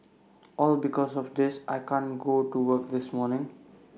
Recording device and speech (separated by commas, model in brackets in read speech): mobile phone (iPhone 6), read sentence